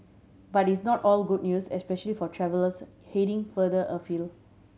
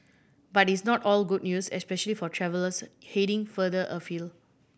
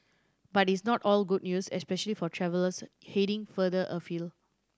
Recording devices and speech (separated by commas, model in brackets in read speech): mobile phone (Samsung C7100), boundary microphone (BM630), standing microphone (AKG C214), read sentence